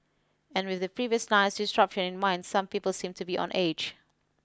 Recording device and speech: close-talking microphone (WH20), read sentence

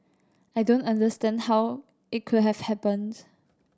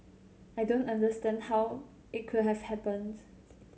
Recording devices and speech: standing microphone (AKG C214), mobile phone (Samsung C7100), read sentence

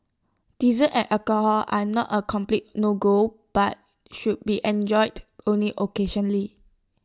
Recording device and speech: standing microphone (AKG C214), read sentence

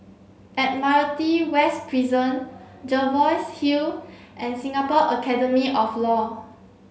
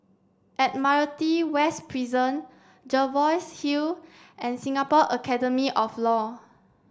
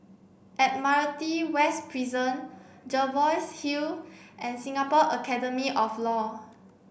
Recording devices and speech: mobile phone (Samsung C7), standing microphone (AKG C214), boundary microphone (BM630), read sentence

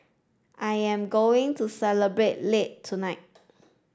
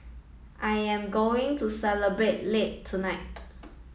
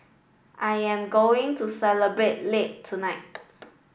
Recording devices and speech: standing microphone (AKG C214), mobile phone (iPhone 7), boundary microphone (BM630), read sentence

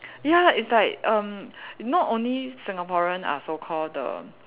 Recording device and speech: telephone, conversation in separate rooms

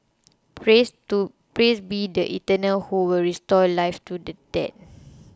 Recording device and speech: close-talking microphone (WH20), read sentence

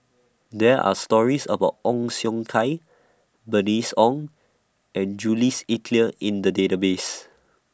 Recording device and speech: standing microphone (AKG C214), read sentence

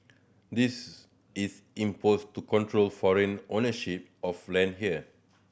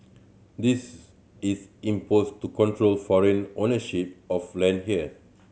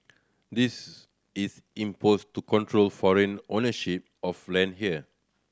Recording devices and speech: boundary microphone (BM630), mobile phone (Samsung C7100), standing microphone (AKG C214), read sentence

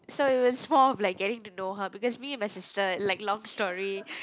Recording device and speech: close-talking microphone, conversation in the same room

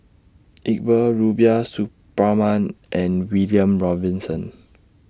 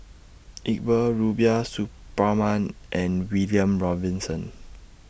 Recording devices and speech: standing microphone (AKG C214), boundary microphone (BM630), read sentence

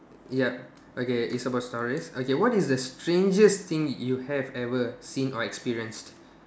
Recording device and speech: standing microphone, conversation in separate rooms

